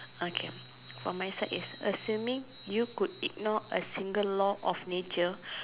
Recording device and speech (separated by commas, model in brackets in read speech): telephone, conversation in separate rooms